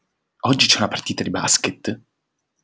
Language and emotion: Italian, surprised